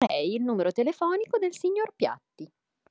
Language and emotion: Italian, happy